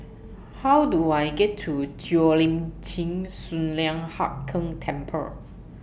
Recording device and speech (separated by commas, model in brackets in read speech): boundary microphone (BM630), read sentence